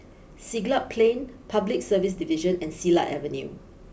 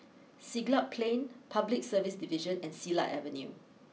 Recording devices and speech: boundary microphone (BM630), mobile phone (iPhone 6), read sentence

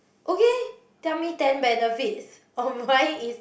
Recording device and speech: boundary microphone, conversation in the same room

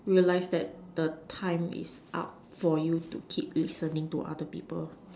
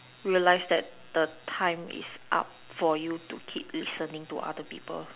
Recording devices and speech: standing microphone, telephone, conversation in separate rooms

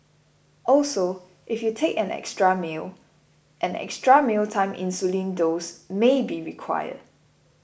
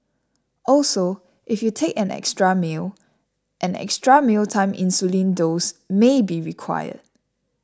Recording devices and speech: boundary microphone (BM630), standing microphone (AKG C214), read sentence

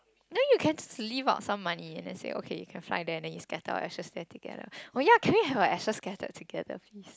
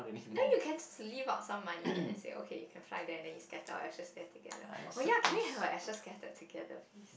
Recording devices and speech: close-talking microphone, boundary microphone, conversation in the same room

